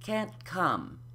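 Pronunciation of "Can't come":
In 'can't come', the t of 'can't' is unaspirated: no air is released on it.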